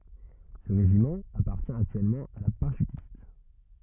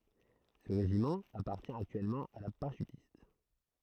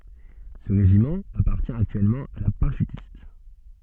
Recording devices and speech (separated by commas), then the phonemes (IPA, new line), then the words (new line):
rigid in-ear microphone, throat microphone, soft in-ear microphone, read sentence
sə ʁeʒimɑ̃ apaʁtjɛ̃ aktyɛlmɑ̃ a la paʁaʃytist
Ce régiment appartient actuellement à la parachutiste.